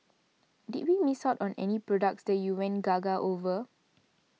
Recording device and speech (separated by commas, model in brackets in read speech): mobile phone (iPhone 6), read sentence